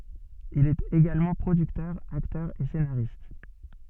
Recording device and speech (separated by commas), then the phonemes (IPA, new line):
soft in-ear microphone, read sentence
il ɛt eɡalmɑ̃ pʁodyktœʁ aktœʁ e senaʁist